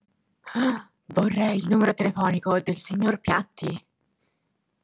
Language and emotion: Italian, surprised